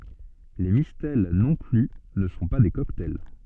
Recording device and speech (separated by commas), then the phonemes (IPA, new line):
soft in-ear microphone, read sentence
le mistɛl nɔ̃ ply nə sɔ̃ pa de kɔktaj